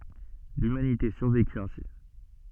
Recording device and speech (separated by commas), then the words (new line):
soft in-ear microphone, read sentence
L'humanité survécut ainsi.